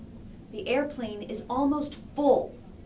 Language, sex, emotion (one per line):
English
female
angry